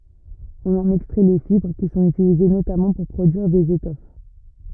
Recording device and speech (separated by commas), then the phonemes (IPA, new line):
rigid in-ear microphone, read sentence
ɔ̃n ɑ̃n ɛkstʁɛ le fibʁ ki sɔ̃t ytilize notamɑ̃ puʁ pʁodyiʁ dez etɔf